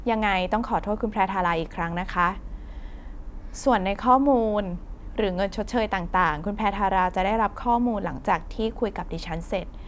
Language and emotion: Thai, neutral